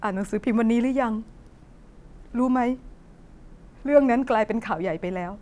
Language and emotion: Thai, sad